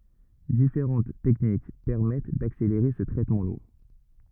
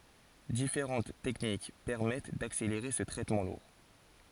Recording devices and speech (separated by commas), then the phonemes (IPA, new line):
rigid in-ear microphone, forehead accelerometer, read sentence
difeʁɑ̃t tɛknik pɛʁmɛt dakseleʁe sə tʁɛtmɑ̃ luʁ